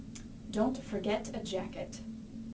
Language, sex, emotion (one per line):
English
female
disgusted